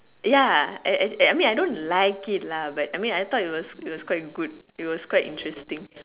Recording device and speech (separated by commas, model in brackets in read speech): telephone, conversation in separate rooms